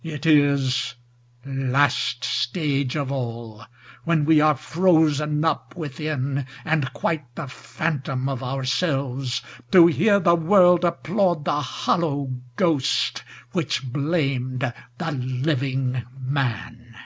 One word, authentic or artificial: authentic